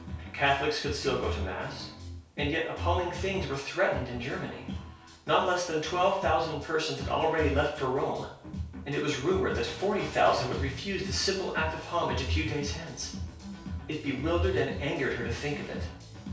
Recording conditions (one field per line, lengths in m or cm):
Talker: one person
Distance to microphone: 3.0 m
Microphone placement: far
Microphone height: 1.8 m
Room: small (3.7 m by 2.7 m)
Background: music